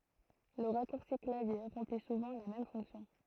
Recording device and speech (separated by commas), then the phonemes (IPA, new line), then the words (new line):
throat microphone, read sentence
lə ʁakuʁsi klavje ʁɑ̃pli suvɑ̃ la mɛm fɔ̃ksjɔ̃
Le raccourci clavier remplit souvent la même fonction.